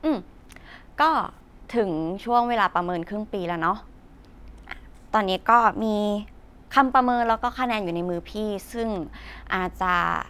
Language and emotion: Thai, frustrated